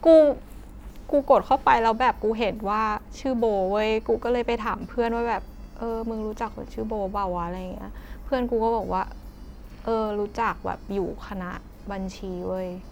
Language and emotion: Thai, sad